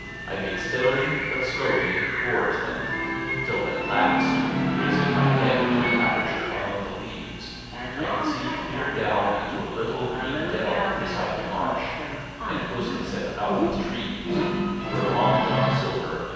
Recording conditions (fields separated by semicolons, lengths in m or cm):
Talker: one person; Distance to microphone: 7.1 m; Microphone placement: far; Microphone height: 1.7 m; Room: very reverberant, large; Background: television